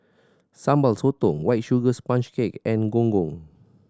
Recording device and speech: standing microphone (AKG C214), read sentence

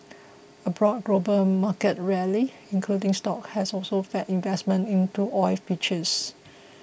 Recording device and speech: boundary microphone (BM630), read sentence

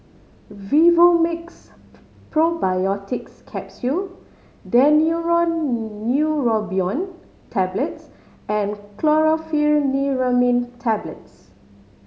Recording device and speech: mobile phone (Samsung C5010), read sentence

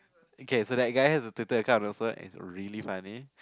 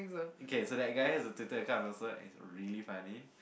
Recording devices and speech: close-talking microphone, boundary microphone, conversation in the same room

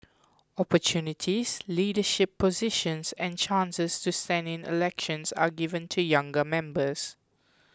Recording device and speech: close-talking microphone (WH20), read sentence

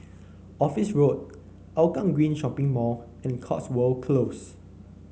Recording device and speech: mobile phone (Samsung C9), read sentence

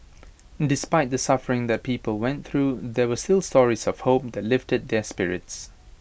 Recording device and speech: boundary microphone (BM630), read sentence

